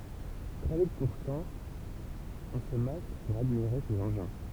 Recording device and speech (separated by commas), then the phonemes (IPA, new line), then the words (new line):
temple vibration pickup, read sentence
tʁɛ vit puʁtɑ̃ ɔ̃ sə mas puʁ admiʁe sez ɑ̃ʒɛ̃
Très vite pourtant, on se masse pour admirer ces engins.